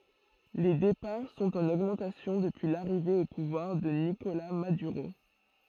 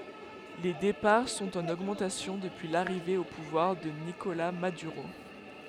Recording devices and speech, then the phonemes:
throat microphone, headset microphone, read sentence
le depaʁ sɔ̃t ɑ̃n oɡmɑ̃tasjɔ̃ dəpyi laʁive o puvwaʁ də nikola madyʁo

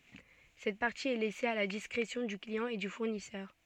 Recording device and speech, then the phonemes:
soft in-ear microphone, read sentence
sɛt paʁti ɛ lɛse a la diskʁesjɔ̃ dy kliɑ̃ e dy fuʁnisœʁ

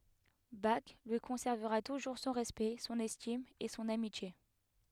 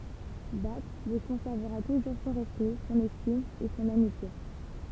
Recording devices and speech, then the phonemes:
headset microphone, temple vibration pickup, read sentence
bak lyi kɔ̃sɛʁvəʁa tuʒuʁ sɔ̃ ʁɛspɛkt sɔ̃n ɛstim e sɔ̃n amitje

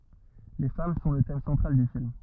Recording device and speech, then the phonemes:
rigid in-ear microphone, read sentence
le fam sɔ̃ lə tɛm sɑ̃tʁal dy film

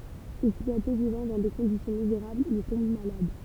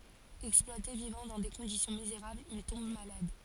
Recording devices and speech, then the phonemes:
temple vibration pickup, forehead accelerometer, read sentence
ɛksplwate vivɑ̃ dɑ̃ de kɔ̃disjɔ̃ mizeʁablz il tɔ̃b malad

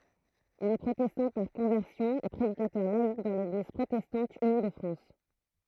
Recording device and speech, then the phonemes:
throat microphone, read sentence
il ɛ pʁotɛstɑ̃ paʁ kɔ̃vɛʁsjɔ̃ e pʁedikatœʁ laik dɑ̃ leɡliz pʁotɛstɑ̃t yni də fʁɑ̃s

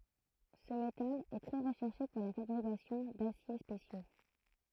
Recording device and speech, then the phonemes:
throat microphone, read sentence
sə metal ɛ tʁɛ ʁəʃɛʁʃe puʁ la fabʁikasjɔ̃ dasje spesjo

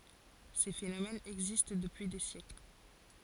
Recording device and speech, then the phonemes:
forehead accelerometer, read sentence
se fenomɛnz ɛɡzist dəpyi de sjɛkl

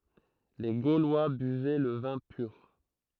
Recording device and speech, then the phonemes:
throat microphone, read sentence
le ɡolwa byvɛ lə vɛ̃ pyʁ

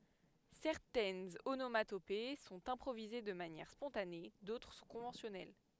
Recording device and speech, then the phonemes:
headset microphone, read sentence
sɛʁtɛnz onomatope sɔ̃t ɛ̃pʁovize də manjɛʁ spɔ̃tane dotʁ sɔ̃ kɔ̃vɑ̃sjɔnɛl

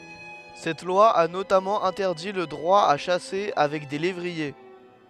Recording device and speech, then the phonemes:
headset microphone, read sentence
sɛt lwa a notamɑ̃ ɛ̃tɛʁdi lə dʁwa a ʃase avɛk de levʁie

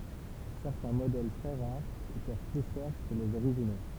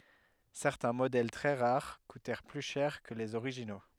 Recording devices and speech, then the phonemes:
temple vibration pickup, headset microphone, read sentence
sɛʁtɛ̃ modɛl tʁɛ ʁaʁ kutɛʁ ply ʃɛʁ kə lez oʁiʒino

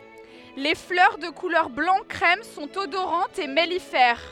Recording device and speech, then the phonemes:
headset microphone, read sentence
le flœʁ də kulœʁ blɑ̃ kʁɛm sɔ̃t odoʁɑ̃tz e mɛlifɛʁ

